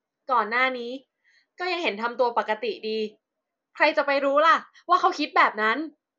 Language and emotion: Thai, frustrated